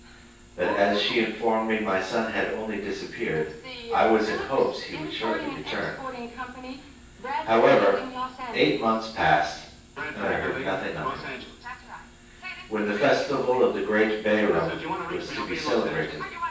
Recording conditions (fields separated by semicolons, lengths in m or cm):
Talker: one person; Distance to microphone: 9.8 m; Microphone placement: far; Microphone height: 1.8 m; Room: large; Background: television